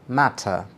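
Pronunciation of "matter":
The t in 'matter' is an explosive t sound, following the British pattern.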